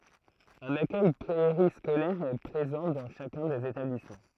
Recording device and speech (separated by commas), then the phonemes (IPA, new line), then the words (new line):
throat microphone, read sentence
œ̃n akœj peʁiskolɛʁ ɛ pʁezɑ̃ dɑ̃ ʃakœ̃ dez etablismɑ̃
Un accueil périscolaire est présent dans chacun des établissements.